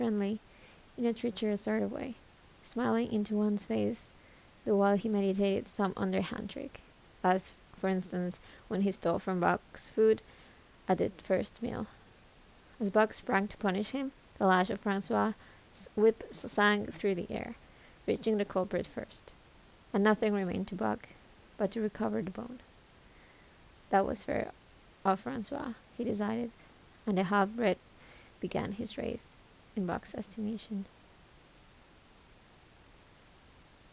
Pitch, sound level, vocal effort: 210 Hz, 75 dB SPL, soft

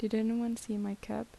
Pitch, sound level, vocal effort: 220 Hz, 77 dB SPL, soft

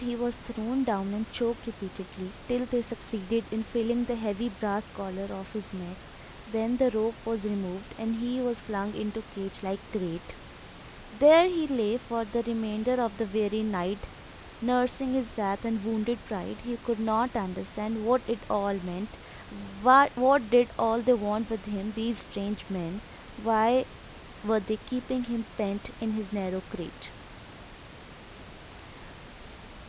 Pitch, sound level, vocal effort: 220 Hz, 84 dB SPL, normal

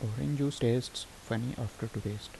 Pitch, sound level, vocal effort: 115 Hz, 76 dB SPL, soft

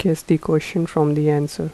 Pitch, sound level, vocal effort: 155 Hz, 79 dB SPL, soft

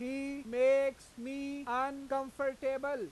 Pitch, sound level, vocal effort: 270 Hz, 100 dB SPL, loud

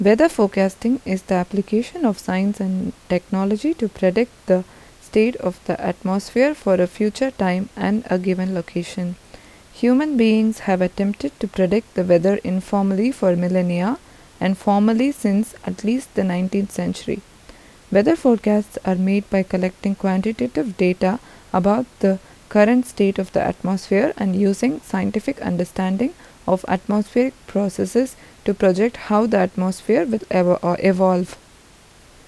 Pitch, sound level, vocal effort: 200 Hz, 79 dB SPL, normal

